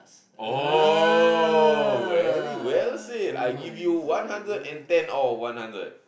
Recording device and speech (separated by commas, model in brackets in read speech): boundary microphone, conversation in the same room